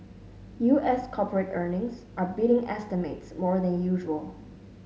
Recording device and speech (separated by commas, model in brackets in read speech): mobile phone (Samsung S8), read sentence